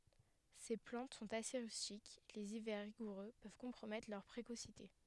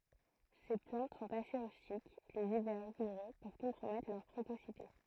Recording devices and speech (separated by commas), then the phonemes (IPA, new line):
headset microphone, throat microphone, read sentence
se plɑ̃t sɔ̃t ase ʁystik lez ivɛʁ ʁiɡuʁø pøv kɔ̃pʁomɛtʁ lœʁ pʁekosite